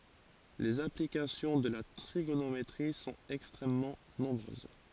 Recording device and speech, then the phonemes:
forehead accelerometer, read sentence
lez aplikasjɔ̃ də la tʁiɡonometʁi sɔ̃t ɛkstʁɛmmɑ̃ nɔ̃bʁøz

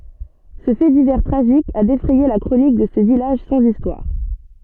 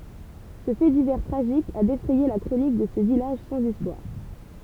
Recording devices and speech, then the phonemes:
soft in-ear microphone, temple vibration pickup, read sentence
sə fɛ divɛʁ tʁaʒik a defʁɛje la kʁonik də sə vilaʒ sɑ̃z istwaʁ

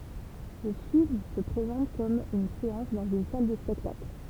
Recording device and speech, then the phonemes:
temple vibration pickup, read sentence
lə film sə pʁezɑ̃t kɔm yn seɑ̃s dɑ̃z yn sal də spɛktakl

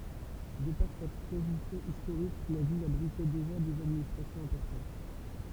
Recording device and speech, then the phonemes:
temple vibration pickup, read sentence
də paʁ sa pozisjɔ̃ istoʁik la vil abʁitɛ deʒa dez administʁasjɔ̃z ɛ̃pɔʁtɑ̃t

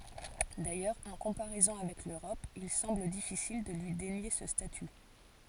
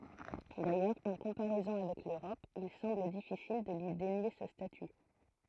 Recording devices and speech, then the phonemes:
forehead accelerometer, throat microphone, read sentence
dajœʁz ɑ̃ kɔ̃paʁɛzɔ̃ avɛk løʁɔp il sɑ̃bl difisil də lyi denje sə staty

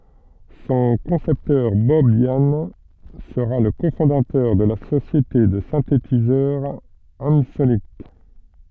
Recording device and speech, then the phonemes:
soft in-ear microphone, read sentence
sɔ̃ kɔ̃sɛptœʁ bɔb jan səʁa lə kofɔ̃datœʁ də la sosjete də sɛ̃tetizœʁ ɑ̃sonik

